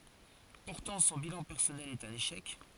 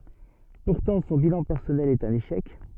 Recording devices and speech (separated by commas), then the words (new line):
forehead accelerometer, soft in-ear microphone, read sentence
Pourtant, son bilan personnel est un échec.